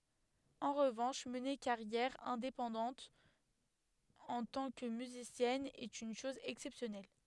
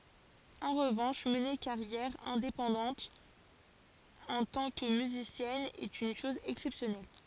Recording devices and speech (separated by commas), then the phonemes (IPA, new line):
headset microphone, forehead accelerometer, read sentence
ɑ̃ ʁəvɑ̃ʃ məne kaʁjɛʁ ɛ̃depɑ̃dɑ̃t ɑ̃ tɑ̃ kə myzisjɛn ɛt yn ʃɔz ɛksɛpsjɔnɛl